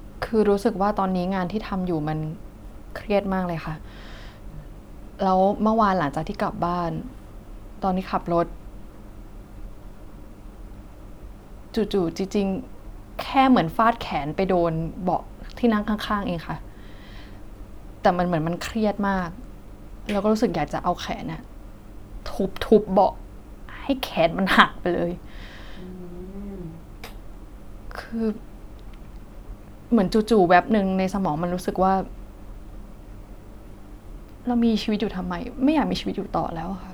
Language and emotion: Thai, sad